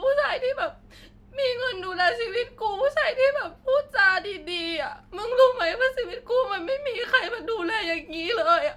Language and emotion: Thai, sad